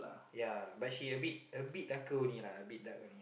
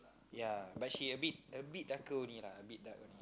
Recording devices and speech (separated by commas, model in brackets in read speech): boundary microphone, close-talking microphone, conversation in the same room